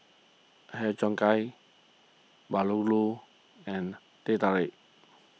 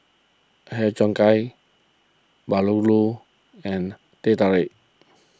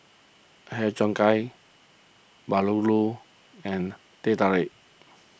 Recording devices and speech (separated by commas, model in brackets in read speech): mobile phone (iPhone 6), close-talking microphone (WH20), boundary microphone (BM630), read sentence